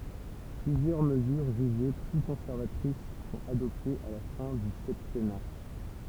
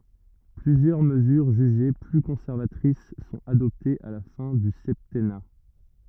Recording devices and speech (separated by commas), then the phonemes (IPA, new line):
temple vibration pickup, rigid in-ear microphone, read sentence
plyzjœʁ məzyʁ ʒyʒe ply kɔ̃sɛʁvatʁis sɔ̃t adɔptez a la fɛ̃ dy sɛptɛna